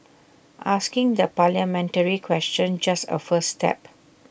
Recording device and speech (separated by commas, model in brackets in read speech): boundary microphone (BM630), read sentence